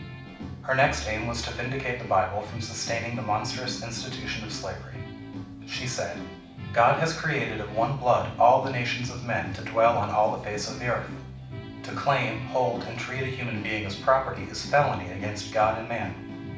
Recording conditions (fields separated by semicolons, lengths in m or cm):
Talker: one person; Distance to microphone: 5.8 m; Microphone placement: far; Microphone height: 1.8 m; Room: medium-sized (5.7 m by 4.0 m); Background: music